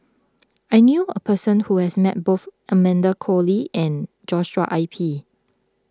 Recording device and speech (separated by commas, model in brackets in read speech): close-talking microphone (WH20), read sentence